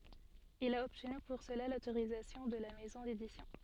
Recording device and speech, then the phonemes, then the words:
soft in-ear microphone, read sentence
il a ɔbtny puʁ səla lotoʁizatjɔ̃ də la mɛzɔ̃ dedisjɔ̃
Il a obtenu pour cela l'autorisation de la maison d'édition.

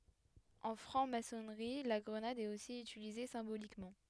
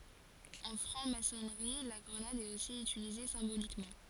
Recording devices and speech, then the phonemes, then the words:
headset microphone, forehead accelerometer, read sentence
ɑ̃ fʁɑ̃ masɔnʁi la ɡʁənad ɛt osi ytilize sɛ̃bolikmɑ̃
En Franc-Maçonnerie, la grenade est aussi utilisée symboliquement.

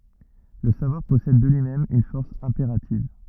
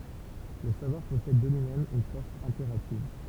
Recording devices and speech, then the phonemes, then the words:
rigid in-ear microphone, temple vibration pickup, read sentence
lə savwaʁ pɔsɛd də lyimɛm yn fɔʁs ɛ̃peʁativ
Le savoir possède de lui-même une force impérative.

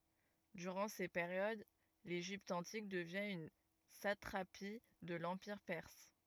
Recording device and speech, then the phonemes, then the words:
rigid in-ear microphone, read sentence
dyʁɑ̃ se peʁjod leʒipt ɑ̃tik dəvjɛ̃ yn satʁapi də lɑ̃piʁ pɛʁs
Durant ces périodes, l'Égypte antique devient une satrapie de l'empire perse.

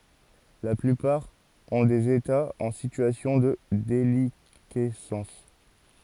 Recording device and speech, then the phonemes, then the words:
forehead accelerometer, read sentence
la plypaʁ ɔ̃ dez etaz ɑ̃ sityasjɔ̃ də delikɛsɑ̃s
La plupart ont des États en situation de déliquescence.

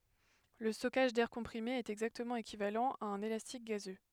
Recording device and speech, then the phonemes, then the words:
headset microphone, read sentence
lə stɔkaʒ dɛʁ kɔ̃pʁime ɛt ɛɡzaktəmɑ̃ ekivalɑ̃ a œ̃n elastik ɡazø
Le stockage d'air comprimé est exactement équivalent à un élastique gazeux.

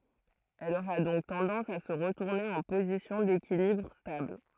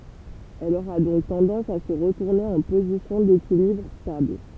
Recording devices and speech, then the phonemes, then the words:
throat microphone, temple vibration pickup, read sentence
ɛl oʁa dɔ̃k tɑ̃dɑ̃s a sə ʁətuʁne ɑ̃ pozisjɔ̃ dekilibʁ stabl
Elle aura donc tendance à se retourner en position d’équilibre stable.

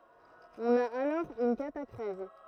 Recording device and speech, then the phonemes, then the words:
throat microphone, read sentence
ɔ̃n a alɔʁ yn katakʁɛz
On a alors une catachrèse.

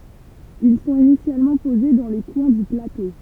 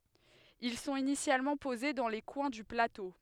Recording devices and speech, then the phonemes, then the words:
temple vibration pickup, headset microphone, read sentence
il sɔ̃t inisjalmɑ̃ poze dɑ̃ le kwɛ̃ dy plato
Ils sont initialement posés dans les coins du plateau.

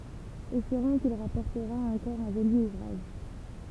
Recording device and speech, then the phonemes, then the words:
temple vibration pickup, read sentence
ɛspeʁɔ̃ kil ʁapɔʁtəʁa ɑ̃kɔʁ œ̃ ʒoli uvʁaʒ
Espérons qu'il rapportera encore un joli ouvrage.

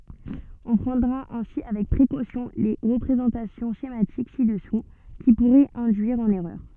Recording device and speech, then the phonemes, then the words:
soft in-ear microphone, read sentence
ɔ̃ pʁɑ̃dʁa ɛ̃si avɛk pʁekosjɔ̃ le ʁəpʁezɑ̃tasjɔ̃ ʃematik si dəsu ki puʁɛt ɛ̃dyiʁ ɑ̃n ɛʁœʁ
On prendra ainsi avec précaution les représentations schématiques ci-dessous, qui pourraient induire en erreur.

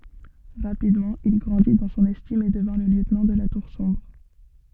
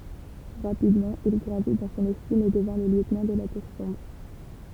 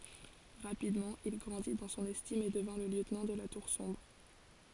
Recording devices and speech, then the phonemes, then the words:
soft in-ear microphone, temple vibration pickup, forehead accelerometer, read sentence
ʁapidmɑ̃ il ɡʁɑ̃di dɑ̃ sɔ̃n ɛstim e dəvɛ̃ lə ljøtnɑ̃ də la tuʁ sɔ̃bʁ
Rapidement, il grandit dans son estime et devint le lieutenant de la Tour Sombre.

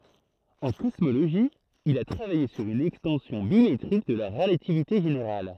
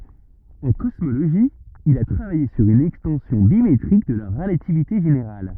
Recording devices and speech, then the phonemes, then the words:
throat microphone, rigid in-ear microphone, read sentence
ɑ̃ kɔsmoloʒi il a tʁavaje syʁ yn ɛkstɑ̃sjɔ̃ bimetʁik də la ʁəlativite ʒeneʁal
En cosmologie, il a travaillé sur une extension bi-métrique de la relativité générale.

